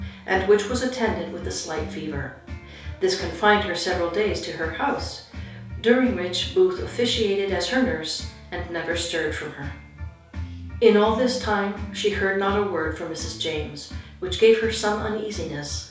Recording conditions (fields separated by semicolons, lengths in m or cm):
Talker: one person; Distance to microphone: 3.0 m; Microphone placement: far; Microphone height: 1.8 m; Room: small (3.7 m by 2.7 m); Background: music